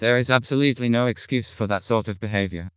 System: TTS, vocoder